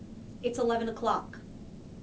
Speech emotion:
neutral